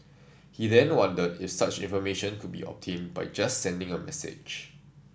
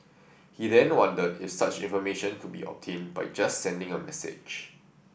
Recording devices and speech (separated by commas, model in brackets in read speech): standing microphone (AKG C214), boundary microphone (BM630), read sentence